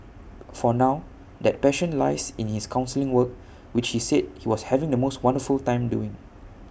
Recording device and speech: boundary microphone (BM630), read sentence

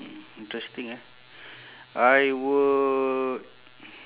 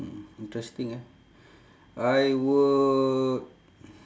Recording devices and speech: telephone, standing microphone, conversation in separate rooms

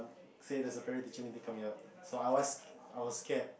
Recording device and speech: boundary microphone, conversation in the same room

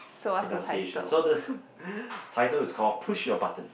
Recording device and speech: boundary microphone, conversation in the same room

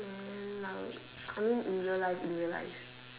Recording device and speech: telephone, conversation in separate rooms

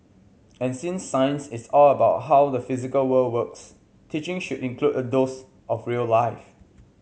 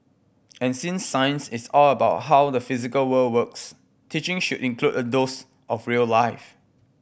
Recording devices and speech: mobile phone (Samsung C7100), boundary microphone (BM630), read sentence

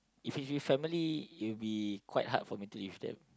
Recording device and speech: close-talking microphone, conversation in the same room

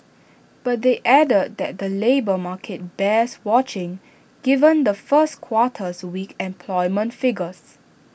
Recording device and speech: boundary microphone (BM630), read sentence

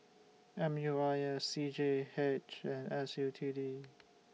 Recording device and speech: mobile phone (iPhone 6), read sentence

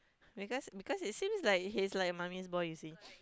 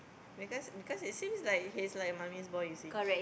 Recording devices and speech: close-talking microphone, boundary microphone, conversation in the same room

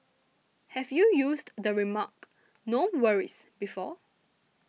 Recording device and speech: mobile phone (iPhone 6), read sentence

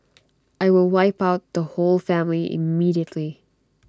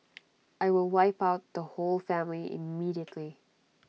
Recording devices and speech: standing microphone (AKG C214), mobile phone (iPhone 6), read sentence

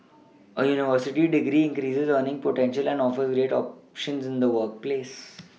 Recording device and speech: mobile phone (iPhone 6), read sentence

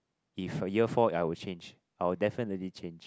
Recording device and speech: close-talking microphone, conversation in the same room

